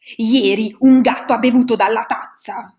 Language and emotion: Italian, angry